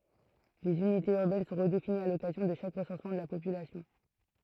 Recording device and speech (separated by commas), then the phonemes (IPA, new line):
throat microphone, read sentence
lez ynitez yʁbɛn sɔ̃ ʁədefiniz a lɔkazjɔ̃ də ʃak ʁəsɑ̃smɑ̃ də la popylasjɔ̃